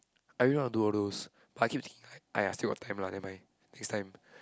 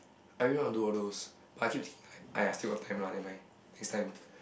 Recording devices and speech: close-talking microphone, boundary microphone, conversation in the same room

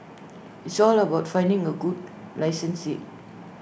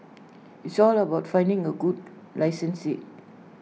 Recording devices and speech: boundary microphone (BM630), mobile phone (iPhone 6), read sentence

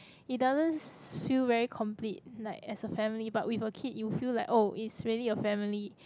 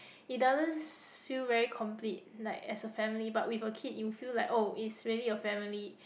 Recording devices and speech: close-talking microphone, boundary microphone, conversation in the same room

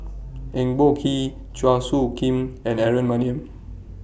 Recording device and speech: boundary microphone (BM630), read sentence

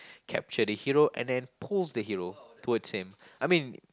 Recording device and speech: close-talking microphone, conversation in the same room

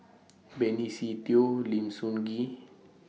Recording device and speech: mobile phone (iPhone 6), read sentence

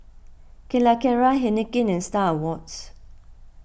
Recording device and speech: boundary microphone (BM630), read sentence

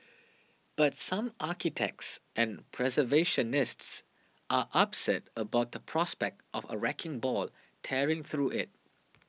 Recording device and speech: mobile phone (iPhone 6), read sentence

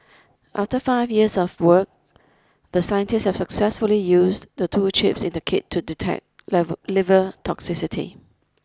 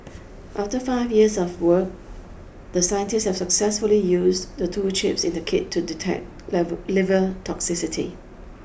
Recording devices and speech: close-talking microphone (WH20), boundary microphone (BM630), read sentence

